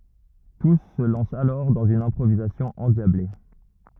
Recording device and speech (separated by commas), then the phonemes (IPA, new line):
rigid in-ear microphone, read sentence
tus sə lɑ̃st alɔʁ dɑ̃z yn ɛ̃pʁovizasjɔ̃ ɑ̃djable